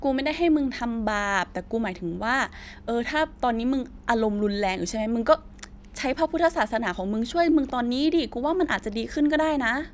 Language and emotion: Thai, frustrated